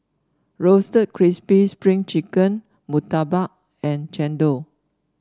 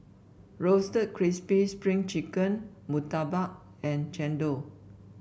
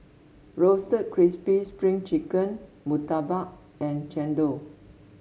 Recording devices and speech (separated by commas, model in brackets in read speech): standing microphone (AKG C214), boundary microphone (BM630), mobile phone (Samsung S8), read sentence